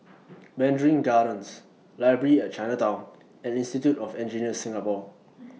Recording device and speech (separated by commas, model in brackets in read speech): mobile phone (iPhone 6), read sentence